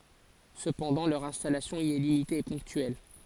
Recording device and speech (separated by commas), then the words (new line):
forehead accelerometer, read sentence
Cependant, leur installation y est limitée et ponctuelle.